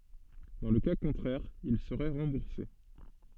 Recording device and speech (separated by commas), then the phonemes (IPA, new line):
soft in-ear microphone, read sentence
dɑ̃ lə ka kɔ̃tʁɛʁ il səʁɛ ʁɑ̃buʁse